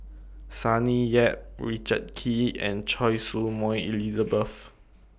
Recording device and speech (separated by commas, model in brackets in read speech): boundary microphone (BM630), read sentence